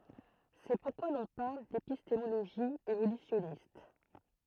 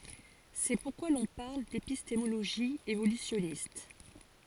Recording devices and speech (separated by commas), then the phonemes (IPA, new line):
throat microphone, forehead accelerometer, read sentence
sɛ puʁkwa lɔ̃ paʁl depistemoloʒi evolysjɔnist